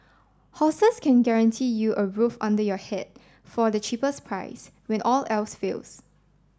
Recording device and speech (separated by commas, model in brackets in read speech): standing microphone (AKG C214), read sentence